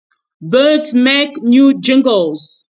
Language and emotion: English, surprised